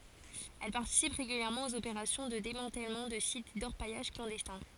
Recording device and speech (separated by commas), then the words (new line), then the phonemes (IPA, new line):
forehead accelerometer, read sentence
Elle participe régulièrement aux opérations de démantèlement de sites d’orpaillage clandestins.
ɛl paʁtisip ʁeɡyljɛʁmɑ̃ oz opeʁasjɔ̃ də demɑ̃tɛlmɑ̃ də sit dɔʁpajaʒ klɑ̃dɛstɛ̃